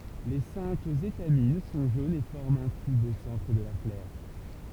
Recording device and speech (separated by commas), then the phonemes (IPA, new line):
temple vibration pickup, read sentence
le sɛ̃k etamin sɔ̃ ʒonz e fɔʁmt œ̃ tyb o sɑ̃tʁ də la flœʁ